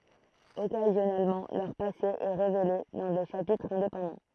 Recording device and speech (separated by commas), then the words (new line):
throat microphone, read sentence
Occasionnellement, leur passé est révélé dans des chapitres indépendants.